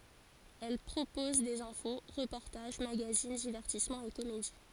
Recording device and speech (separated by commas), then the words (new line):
forehead accelerometer, read sentence
Elle propose des infos, reportages, magazines, divertissements et comédies.